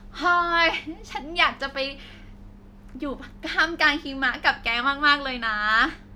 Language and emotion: Thai, happy